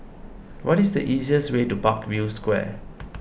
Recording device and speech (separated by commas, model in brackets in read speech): boundary microphone (BM630), read sentence